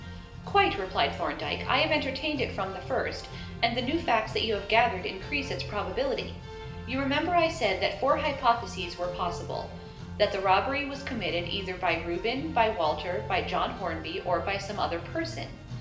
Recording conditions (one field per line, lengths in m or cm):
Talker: one person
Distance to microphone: 1.8 m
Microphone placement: close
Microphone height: 1.0 m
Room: large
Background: music